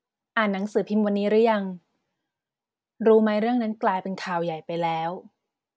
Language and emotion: Thai, neutral